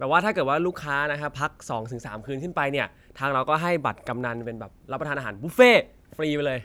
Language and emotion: Thai, happy